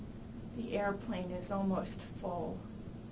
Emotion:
sad